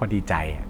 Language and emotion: Thai, neutral